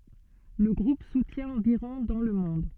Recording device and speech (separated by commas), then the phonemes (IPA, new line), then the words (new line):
soft in-ear microphone, read sentence
lə ɡʁup sutjɛ̃ ɑ̃viʁɔ̃ dɑ̃ lə mɔ̃d
Le groupe soutient environ dans le monde.